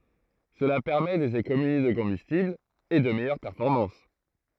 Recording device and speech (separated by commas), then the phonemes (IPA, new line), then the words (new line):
throat microphone, read sentence
səla pɛʁmɛ dez ekonomi də kɔ̃bystibl e də mɛjœʁ pɛʁfɔʁmɑ̃s
Cela permet des économies de combustible et de meilleures performances.